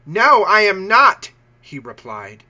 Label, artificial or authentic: authentic